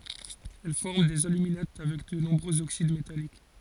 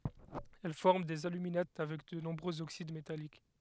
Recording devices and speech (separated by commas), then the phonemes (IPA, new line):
forehead accelerometer, headset microphone, read sentence
ɛl fɔʁm dez alyminat avɛk də nɔ̃bʁøz oksid metalik